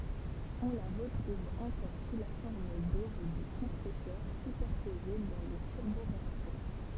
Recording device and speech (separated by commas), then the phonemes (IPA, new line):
temple vibration pickup, read sentence
ɔ̃ la ʁətʁuv ɑ̃kɔʁ su la fɔʁm dob də kɔ̃pʁɛsœʁ sypɛʁpoze dɑ̃ le tyʁboʁeaktœʁ